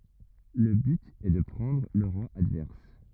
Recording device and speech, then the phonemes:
rigid in-ear microphone, read sentence
lə byt ɛ də pʁɑ̃dʁ lə ʁwa advɛʁs

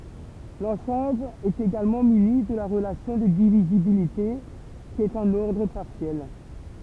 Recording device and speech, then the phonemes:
temple vibration pickup, read sentence
lɑ̃sɑ̃bl ɛt eɡalmɑ̃ myni də la ʁəlasjɔ̃ də divizibilite ki ɛt œ̃n ɔʁdʁ paʁsjɛl

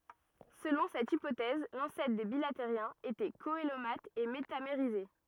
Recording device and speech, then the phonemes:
rigid in-ear microphone, read sentence
səlɔ̃ sɛt ipotɛz lɑ̃sɛtʁ de bilateʁjɛ̃z etɛ koəlomat e metameʁize

